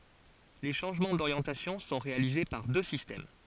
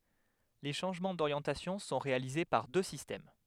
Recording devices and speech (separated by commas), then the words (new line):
forehead accelerometer, headset microphone, read sentence
Les changements d'orientation sont réalisés par deux systèmes.